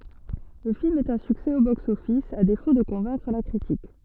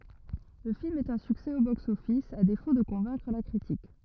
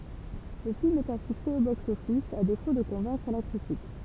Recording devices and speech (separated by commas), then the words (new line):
soft in-ear microphone, rigid in-ear microphone, temple vibration pickup, read sentence
Le film est un succès au box-office, à défaut de convaincre la critique.